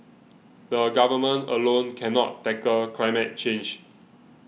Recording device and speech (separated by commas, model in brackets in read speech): mobile phone (iPhone 6), read sentence